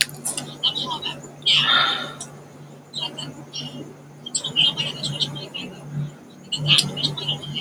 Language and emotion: Thai, frustrated